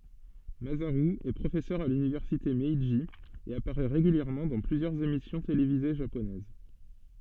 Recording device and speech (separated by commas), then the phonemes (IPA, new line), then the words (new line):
soft in-ear microphone, read sentence
mazaʁy ɛ pʁofɛsœʁ a lynivɛʁsite mɛʒi e apaʁɛ ʁeɡyljɛʁmɑ̃ dɑ̃ plyzjœʁz emisjɔ̃ televize ʒaponɛz
Masaru est professeur à l'Université Meiji et apparaît régulièrement dans plusieurs émissions télévisées japonaises.